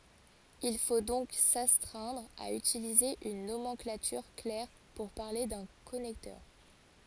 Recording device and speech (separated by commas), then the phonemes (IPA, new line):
forehead accelerometer, read sentence
il fo dɔ̃k sastʁɛ̃dʁ a ytilize yn nomɑ̃klatyʁ klɛʁ puʁ paʁle dœ̃ kɔnɛktœʁ